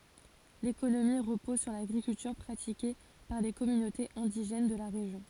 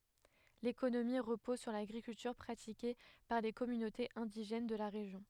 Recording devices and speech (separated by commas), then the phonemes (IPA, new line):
forehead accelerometer, headset microphone, read sentence
lekonomi ʁəpɔz syʁ laɡʁikyltyʁ pʁatike paʁ le kɔmynotez ɛ̃diʒɛn də la ʁeʒjɔ̃